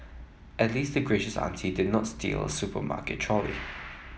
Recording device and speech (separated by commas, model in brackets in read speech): mobile phone (iPhone 7), read sentence